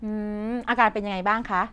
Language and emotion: Thai, neutral